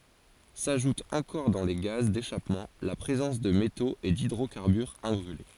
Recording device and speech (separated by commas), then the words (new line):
forehead accelerometer, read sentence
S'ajoute encore dans les gaz d'échappement la présence de métaux et d'hydrocarbures imbrûlés.